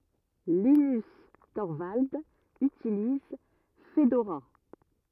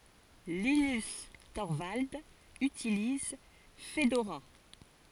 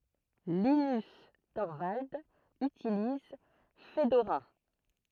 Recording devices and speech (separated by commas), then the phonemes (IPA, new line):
rigid in-ear microphone, forehead accelerometer, throat microphone, read sentence
linys tɔʁvaldz ytiliz fədoʁa